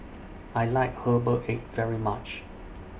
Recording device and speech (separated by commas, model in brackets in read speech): boundary microphone (BM630), read sentence